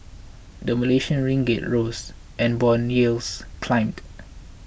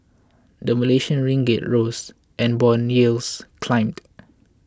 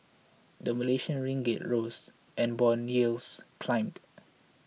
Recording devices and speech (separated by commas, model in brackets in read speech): boundary microphone (BM630), close-talking microphone (WH20), mobile phone (iPhone 6), read sentence